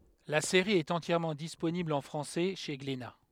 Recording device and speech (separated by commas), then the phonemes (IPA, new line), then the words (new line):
headset microphone, read sentence
la seʁi ɛt ɑ̃tjɛʁmɑ̃ disponibl ɑ̃ fʁɑ̃sɛ ʃe ɡlena
La série est entièrement disponible en français chez Glénat.